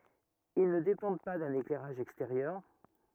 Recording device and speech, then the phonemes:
rigid in-ear microphone, read sentence
il nə depɑ̃d pa dœ̃n eklɛʁaʒ ɛksteʁjœʁ

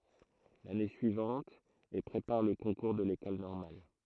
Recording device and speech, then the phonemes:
throat microphone, read sentence
lane syivɑ̃t e pʁepaʁ lə kɔ̃kuʁ də lekɔl nɔʁmal

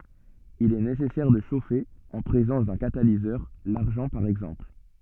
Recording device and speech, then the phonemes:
soft in-ear microphone, read sentence
il ɛ nesɛsɛʁ də ʃofe ɑ̃ pʁezɑ̃s dœ̃ katalizœʁ laʁʒɑ̃ paʁ ɛɡzɑ̃pl

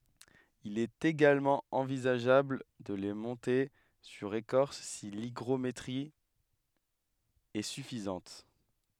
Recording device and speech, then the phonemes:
headset microphone, read sentence
il ɛt eɡalmɑ̃ ɑ̃vizaʒabl də le mɔ̃te syʁ ekɔʁs si liɡʁometʁi ɛ syfizɑ̃t

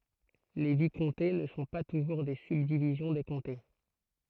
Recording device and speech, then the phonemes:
throat microphone, read sentence
le vikɔ̃te nə sɔ̃ pa tuʒuʁ de sybdivizjɔ̃ de kɔ̃te

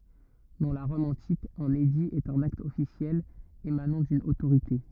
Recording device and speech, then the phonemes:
rigid in-ear microphone, read sentence
dɑ̃ la ʁɔm ɑ̃tik œ̃n edi ɛt œ̃n akt ɔfisjɛl emanɑ̃ dyn otoʁite

